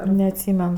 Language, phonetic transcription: Lithuanian, neatˈsymen

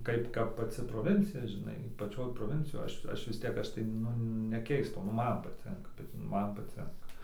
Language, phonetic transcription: Lithuanian, ˈkaip ˈkap paˈci proˈvincija žiˈnai paˈčioj proˈvincijoj ˈaš ˈaš vis ˈtiek ˈaš tai ˈnu neˈkeistau nu ˈman paˈtinka bet ˈman paˈcinka

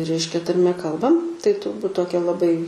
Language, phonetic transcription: Lithuanian, ˈreiškia tarˈme ˈkalbam tai turˈbūt ˈtokia laˈbai

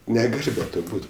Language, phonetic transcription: Lithuanian, neˈgal' be ˈto ˈbūt

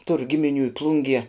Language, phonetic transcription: Lithuanian, tur gimiˈnių i ˈplungie

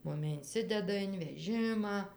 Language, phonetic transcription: Lithuanian, ˈmumi inˈsideda in veˈžimą

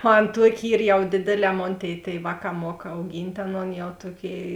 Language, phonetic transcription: Lithuanian, ˈan ˈtuoki ˈyr jau ˈdėdėˌlē ˈmon ˈtėi tėiˈvāˌkā ˈmuok auˈgynt' ˈaˌnon jau ˈtuoˌkėi

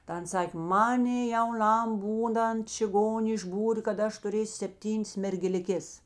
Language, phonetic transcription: Lithuanian, ta ˈans ˈsakė ˈmanė jauˈnam ˈbūˌnant čiˈgonė išˈbūrė kad ˈaš tuˈrėsiu sepˈtynės mergeliˈkės

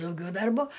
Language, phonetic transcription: Lithuanian, dauˈgiau ˈdarbo

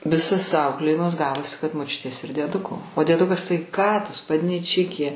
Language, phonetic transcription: Lithuanian, ˈvisas ˈauklėjimas ˈgavosi kad moˈčiutės ir dieˈduko o dieˈdukas tai ˈką tu spadnyˈčikė

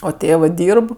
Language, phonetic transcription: Lithuanian, o ˈtėvɜ ˈdyrb

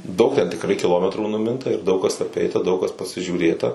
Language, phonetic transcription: Lithuanian, ˈdaug ten tikˈrai kiˈlometrų nuˈminta ir ˈdaug kas aˈpeita ˈdaug kas pasižiūˈrėta

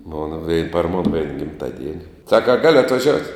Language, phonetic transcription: Lithuanian, mon vei par mon vein gimˈtaˌdieni ˈsaka a ˈgalio atvaˈžiout'

